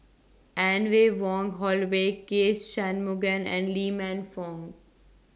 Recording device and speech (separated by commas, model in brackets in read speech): standing microphone (AKG C214), read sentence